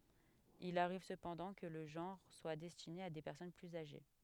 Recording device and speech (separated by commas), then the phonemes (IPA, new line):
headset microphone, read sentence
il aʁiv səpɑ̃dɑ̃ kə lə ʒɑ̃ʁ swa dɛstine a de pɛʁsɔn plyz aʒe